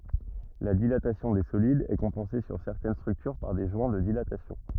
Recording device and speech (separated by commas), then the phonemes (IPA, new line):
rigid in-ear microphone, read sentence
la dilatasjɔ̃ de solidz ɛ kɔ̃pɑ̃se syʁ sɛʁtɛn stʁyktyʁ paʁ de ʒwɛ̃ də dilatasjɔ̃